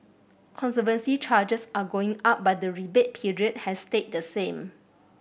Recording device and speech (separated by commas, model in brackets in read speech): boundary microphone (BM630), read sentence